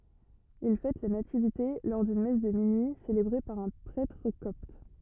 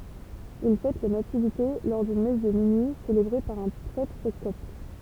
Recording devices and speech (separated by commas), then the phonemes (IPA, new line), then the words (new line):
rigid in-ear microphone, temple vibration pickup, read sentence
il fɛt la nativite lɔʁ dyn mɛs də minyi selebʁe paʁ œ̃ pʁɛtʁ kɔpt
Ils fêtent la Nativité lors d'une messe de minuit célébrée par un prêtre copte.